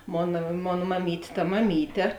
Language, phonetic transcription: Lithuanian, ˈmona ˈmon maˈmyt' ta maˈmyte

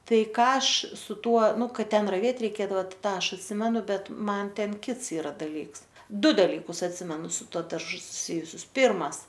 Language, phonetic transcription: Lithuanian, ˈtai ˈką ˈaš su ˈtuo ˈnu ˈkad ˈten raˈvėt reiˈkėdava tai ˈtą ˈaš atˈsimenu ˈbet ˈman ˈten ˈkits iˈra daˈlyks ˈdu daˈlykus atˈsimenu su ˈtuo darˈžu suˈsijusius ˈpirmas

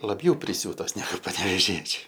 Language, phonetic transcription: Lithuanian, laˈbjau priˈsiūtos neˈgu panevėˈžiečiu

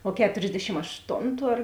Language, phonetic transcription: Lithuanian, o ˈketorsdešim ašˈtontu ar

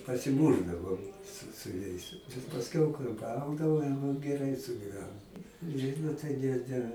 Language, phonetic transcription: Lithuanian, pasiˈmūšdavom su su ˈjais pasˈkiau kai ˈgaudavo jau geˈrai sugyˈvenom ˈžydu tai ˈne ˈne

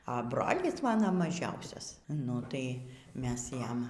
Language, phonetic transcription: Lithuanian, a ˈbrolis ˈmano maˈžiausias nu ˈtai ˈmes ˈjam

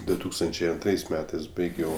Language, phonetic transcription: Lithuanian, du ˈtūkstančiai anˈtrais ˈmetais ˈbaigiau

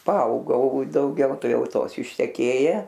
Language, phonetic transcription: Lithuanian, paˈaugau dauˈgiau ˈtai ˈjau ˈtos išteˈkėje

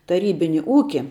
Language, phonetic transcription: Lithuanian, taˈrybini ˈūki

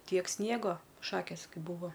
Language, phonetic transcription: Lithuanian, ˈtiek ˈsniego ˈšakės ˈkai ˈbuvo

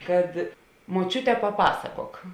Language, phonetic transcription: Lithuanian, kad moˈčiute paˈpasakok

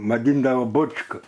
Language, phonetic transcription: Lithuanian, vaˈdyndavo ˈbočka

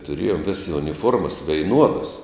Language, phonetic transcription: Lithuanian, tuˈrėjom ˈvėsi uniˈfuormas veiˈnuodas

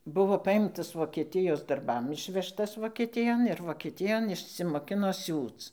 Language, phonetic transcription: Lithuanian, ˈbuvo ˈpajimtas vokeˈtijos darˈbam ˈišvežtas vokeˈtijon ir vokeˈtijon išsimoˈkino ˈsiūc

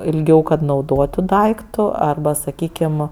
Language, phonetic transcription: Lithuanian, ilˈgiau kad nauˈdotu ˈdaiktu arˈba saˈkykim

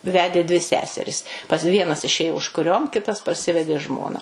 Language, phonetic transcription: Lithuanian, ˈvedė dvi ˈseseris pas ˈvienas iˈšėjo užkuˈriom ˈkitas parˈsivedė ˈžmona

